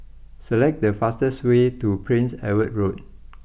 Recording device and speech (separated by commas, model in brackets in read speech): boundary microphone (BM630), read sentence